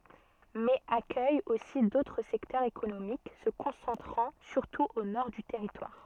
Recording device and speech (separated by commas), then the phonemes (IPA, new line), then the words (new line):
soft in-ear microphone, read sentence
mɛz akœj osi dotʁ sɛktœʁz ekonomik sə kɔ̃sɑ̃tʁɑ̃ syʁtu o nɔʁ dy tɛʁitwaʁ
Mais accueille aussi d'autres secteurs économiques se concentrant surtout au nord du territoire.